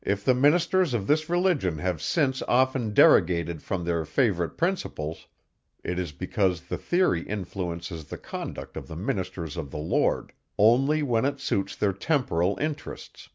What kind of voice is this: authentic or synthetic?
authentic